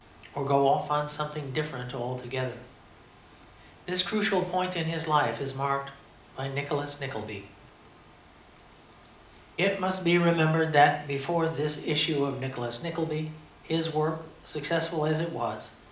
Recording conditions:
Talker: one person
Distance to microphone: 2.0 m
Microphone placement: close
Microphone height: 99 cm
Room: medium-sized (5.7 m by 4.0 m)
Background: none

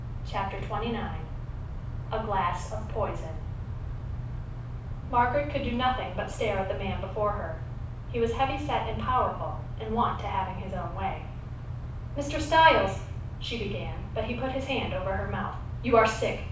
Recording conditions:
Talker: one person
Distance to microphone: 5.8 m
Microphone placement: far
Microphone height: 1.8 m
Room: medium-sized (5.7 m by 4.0 m)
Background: none

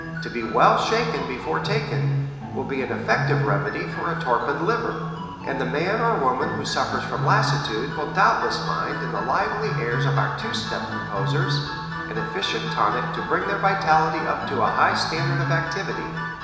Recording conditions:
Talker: one person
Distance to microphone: 1.7 m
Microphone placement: close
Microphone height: 1.0 m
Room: very reverberant, large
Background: music

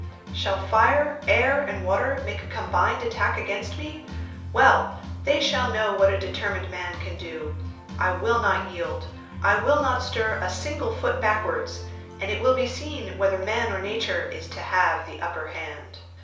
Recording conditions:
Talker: one person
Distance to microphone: 3.0 m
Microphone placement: far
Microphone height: 1.8 m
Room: small (3.7 m by 2.7 m)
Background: music

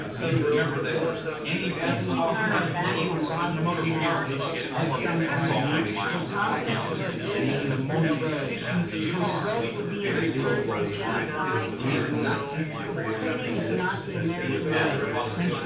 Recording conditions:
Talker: one person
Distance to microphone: 9.8 m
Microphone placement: far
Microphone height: 1.8 m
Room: large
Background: babble

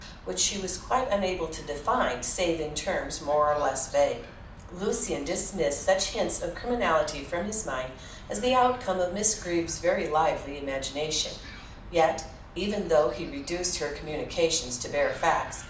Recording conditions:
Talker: one person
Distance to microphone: 2.0 m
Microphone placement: close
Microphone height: 99 cm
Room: medium-sized (5.7 m by 4.0 m)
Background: television

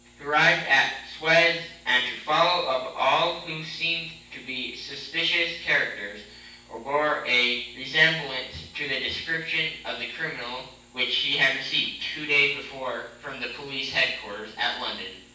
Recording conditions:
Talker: one person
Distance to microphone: 9.8 m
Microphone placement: far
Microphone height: 1.8 m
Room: large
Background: none

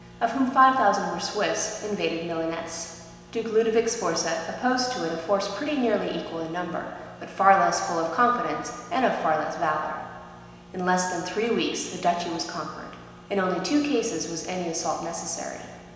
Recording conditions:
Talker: one person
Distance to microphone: 1.7 m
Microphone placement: close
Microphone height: 1.0 m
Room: very reverberant, large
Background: none

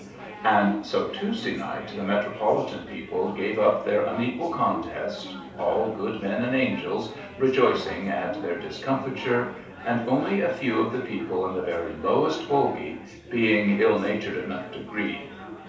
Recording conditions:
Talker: one person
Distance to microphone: 3.0 m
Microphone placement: far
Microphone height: 1.8 m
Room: small (3.7 m by 2.7 m)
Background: babble

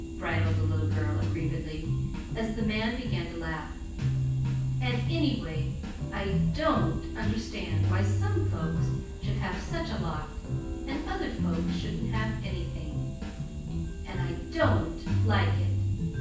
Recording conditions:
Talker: one person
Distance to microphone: 9.8 m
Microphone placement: far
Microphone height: 1.8 m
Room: large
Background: music

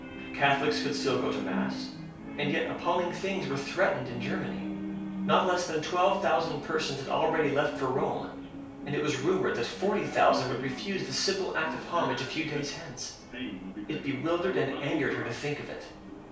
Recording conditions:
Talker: one person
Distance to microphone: 3.0 m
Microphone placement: far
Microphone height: 1.8 m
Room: small (3.7 m by 2.7 m)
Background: television

